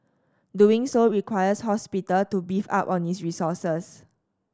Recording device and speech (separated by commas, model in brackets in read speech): standing microphone (AKG C214), read sentence